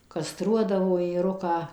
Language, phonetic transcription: Lithuanian, ˈkastruodavo ėˈruką

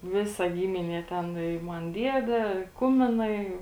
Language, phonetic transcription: Lithuanian, ˈvisa ˈgyminie ˈten i ˈman ˈdiede ˈkuminai

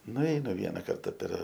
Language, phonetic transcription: Lithuanian, nuˈeinu ˈviena ˈkarta per

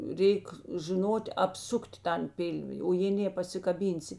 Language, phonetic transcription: Lithuanian, ˈreik žiˈnot' apˈsukt' ˈtan ˈpilvi o jė ˈnė pasikaˈbynsi

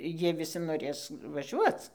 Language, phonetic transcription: Lithuanian, ˈjie viˈsi noˈrės vaˈžiuoc

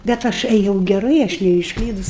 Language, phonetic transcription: Lithuanian, bet ˈaš eˈjau geˈrai aš neišˈklydus

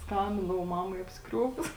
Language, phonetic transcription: Lithuanian, ˈskambindavau ˈmamai apsiˈkriuokus

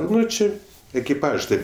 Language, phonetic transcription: Lithuanian, ˈnu ˈči ekiˈpažs ˈtėp

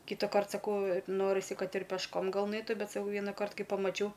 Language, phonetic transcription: Lithuanian, kitaˈkart saˈkau ˈnorisi ˈkad ir pešˈkom gal ˈnaitu ˈbet saˈkau ˈvienakart ˈkai pamaˈčiau

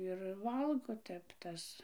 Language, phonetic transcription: Lithuanian, ir ˈvalgo ˈtep ˈtas

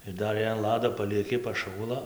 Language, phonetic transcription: Lithuanian, ir ˈdar jei an ˈlado palieˈki paˈšųla

